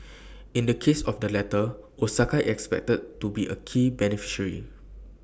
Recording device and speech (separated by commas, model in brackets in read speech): boundary microphone (BM630), read sentence